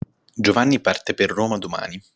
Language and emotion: Italian, neutral